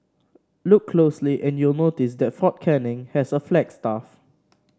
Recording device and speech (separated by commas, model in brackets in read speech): standing microphone (AKG C214), read sentence